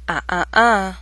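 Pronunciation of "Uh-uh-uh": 'Uh-uh-uh' is said with the glottal stop.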